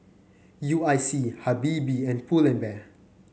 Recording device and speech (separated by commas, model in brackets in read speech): mobile phone (Samsung C9), read sentence